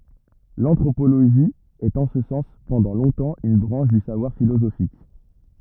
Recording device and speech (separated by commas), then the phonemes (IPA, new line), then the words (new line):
rigid in-ear microphone, read sentence
lɑ̃tʁopoloʒi ɛt ɑ̃ sə sɑ̃s pɑ̃dɑ̃ lɔ̃tɑ̃ yn bʁɑ̃ʃ dy savwaʁ filozofik
L'anthropologie est en ce sens pendant longtemps une branche du savoir philosophique.